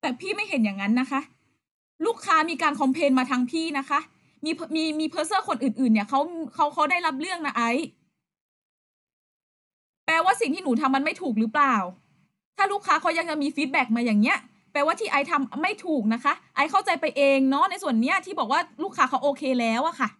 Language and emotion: Thai, angry